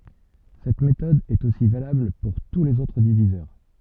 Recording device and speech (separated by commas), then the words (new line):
soft in-ear microphone, read sentence
Cette méthode est aussi valable pour tous les autres diviseurs.